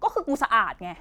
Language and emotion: Thai, angry